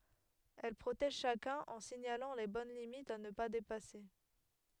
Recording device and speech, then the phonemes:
headset microphone, read sentence
ɛl pʁotɛʒ ʃakœ̃n ɑ̃ siɲalɑ̃ le bɔn limitz a nə pa depase

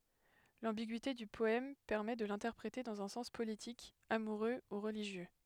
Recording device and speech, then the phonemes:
headset microphone, read sentence
lɑ̃biɡyite dy pɔɛm pɛʁmɛ də lɛ̃tɛʁpʁete dɑ̃z œ̃ sɑ̃s politik amuʁø u ʁəliʒjø

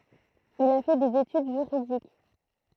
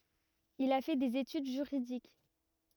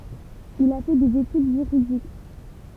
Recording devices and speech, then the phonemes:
throat microphone, rigid in-ear microphone, temple vibration pickup, read sentence
il a fɛ dez etyd ʒyʁidik

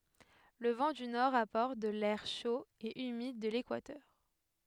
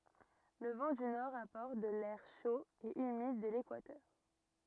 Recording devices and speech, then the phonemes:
headset microphone, rigid in-ear microphone, read sentence
lə vɑ̃ dy nɔʁ apɔʁt də lɛʁ ʃo e ymid də lekwatœʁ

